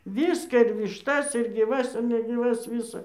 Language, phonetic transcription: Lithuanian, ˈvyską ir višˈtas ir gyˈvas negyˈvas ˈvisa

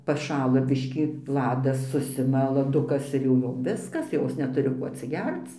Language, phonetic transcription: Lithuanian, paˈšala ˈbiškį ˈladas ˈsusima laˈdukas ir jau ˈjom ˈviskas ˈjos neˈturi ko atsiˈgerc

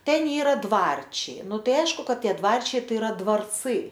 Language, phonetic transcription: Lithuanian, ˈten ˈyra ˈdvarčiai ˈnu ˈtai ˈaišku ˈkad ˈtie ˈdvarčiai ˈtai iˈra dvarˈcɨ

